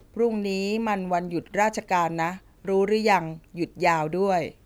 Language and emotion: Thai, neutral